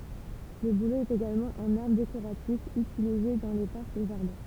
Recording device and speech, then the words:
temple vibration pickup, read sentence
Le bouleau est également un arbre décoratif utilisé dans les parcs et jardins.

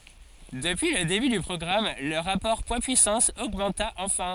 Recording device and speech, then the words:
forehead accelerometer, read sentence
Depuis le début du programme, le rapport poids-puissance augmenta enfin.

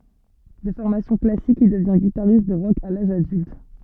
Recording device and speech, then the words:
soft in-ear microphone, read sentence
De formation classique, il devient guitariste de rock à l'âge adulte.

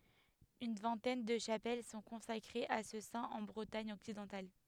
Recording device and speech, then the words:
headset microphone, read sentence
Une vingtaine de chapelles sont consacrées à ce saint en Bretagne occidentale.

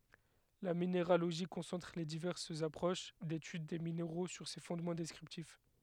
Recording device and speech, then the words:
headset microphone, read sentence
La minéralogie concentre les diverses approches d'étude des minéraux sur ces fondements descriptifs.

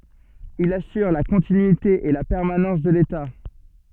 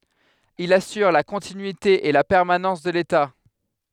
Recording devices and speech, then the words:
soft in-ear microphone, headset microphone, read sentence
Il assure la continuité et la permanence de l’État.

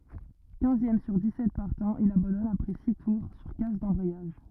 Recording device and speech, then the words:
rigid in-ear microphone, read sentence
Quinzième sur dix-sept partants, il abandonne après six tours sur casse d'embrayage.

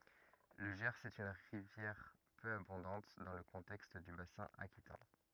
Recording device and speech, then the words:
rigid in-ear microphone, read sentence
Le Gers est une rivière peu abondante dans le contexte du bassin aquitain.

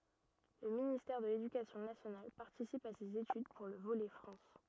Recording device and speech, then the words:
rigid in-ear microphone, read sentence
Le ministère de l'Éducation nationale participe à ces études pour le volet France.

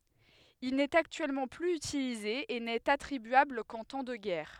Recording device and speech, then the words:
headset microphone, read sentence
Il n'est actuellement plus utilisé, et n'est attribuable qu'en temps de guerre.

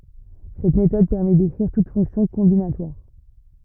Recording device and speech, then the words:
rigid in-ear microphone, read sentence
Cette méthode permet d'écrire toute fonction combinatoire.

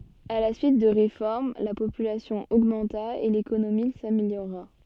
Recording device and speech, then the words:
soft in-ear microphone, read sentence
À la suite de réformes, la population augmenta et l'économie s'améliora.

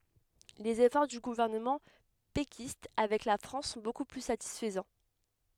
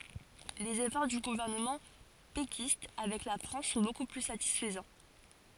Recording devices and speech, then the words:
headset microphone, forehead accelerometer, read sentence
Les efforts du gouvernement péquiste avec la France sont beaucoup plus satisfaisants.

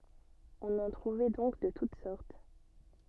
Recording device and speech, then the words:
soft in-ear microphone, read sentence
On en trouvait donc de toutes sortes.

